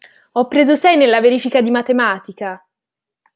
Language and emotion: Italian, angry